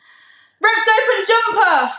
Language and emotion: English, sad